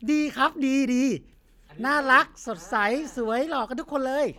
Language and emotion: Thai, happy